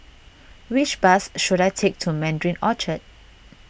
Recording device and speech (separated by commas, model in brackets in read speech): boundary microphone (BM630), read sentence